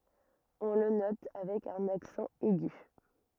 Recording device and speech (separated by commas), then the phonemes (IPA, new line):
rigid in-ear microphone, read sentence
ɔ̃ lə nɔt avɛk œ̃n aksɑ̃ ɛɡy